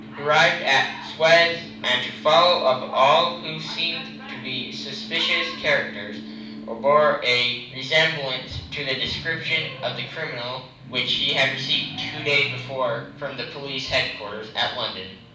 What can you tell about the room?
A moderately sized room (about 5.7 m by 4.0 m).